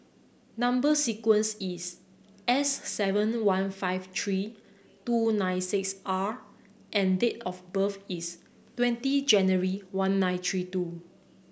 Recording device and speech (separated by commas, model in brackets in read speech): boundary microphone (BM630), read sentence